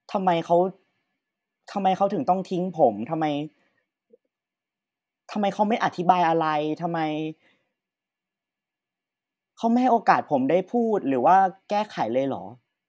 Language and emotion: Thai, frustrated